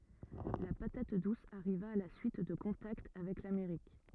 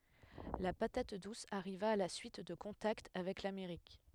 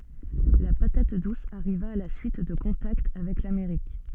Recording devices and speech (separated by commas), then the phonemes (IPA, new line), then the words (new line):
rigid in-ear microphone, headset microphone, soft in-ear microphone, read sentence
la patat dus aʁiva a la syit də kɔ̃takt avɛk lameʁik
La patate douce arriva à la suite de contacts avec l’Amérique.